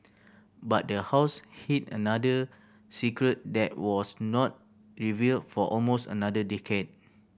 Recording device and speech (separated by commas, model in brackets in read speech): boundary microphone (BM630), read sentence